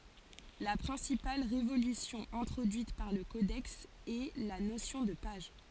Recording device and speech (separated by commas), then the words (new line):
forehead accelerometer, read sentence
La principale révolution introduite par le codex est la notion de page.